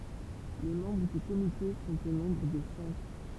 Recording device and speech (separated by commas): temple vibration pickup, read sentence